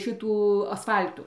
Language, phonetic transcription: Lithuanian, ˈšitų asˈfal'tų

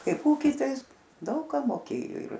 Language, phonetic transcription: Lithuanian, ˈkaip ˈūky ˈtai ˈis ˈdaug ką moˈkėjo ir

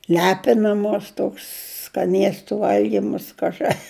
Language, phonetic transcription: Lithuanian, ˈlepinamos ˈtoks skaˈniestu ˈvalgymas ˈkažɨ

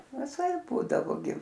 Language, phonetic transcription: Lithuanian, viˈsaip ˈbūdavo gi

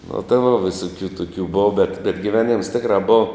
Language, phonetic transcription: Lithuanian, nu tai vo viˈsukių ˈtukių ˈbova bet bet giˈveˌnims ˈtikra ˈbova

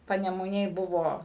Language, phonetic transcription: Lithuanian, panemuˈnėj ˈbuvo

